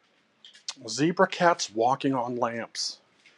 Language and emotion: English, disgusted